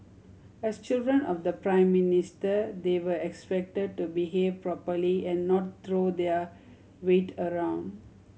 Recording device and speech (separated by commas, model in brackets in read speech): mobile phone (Samsung C7100), read sentence